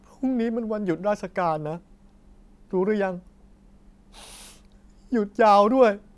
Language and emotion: Thai, sad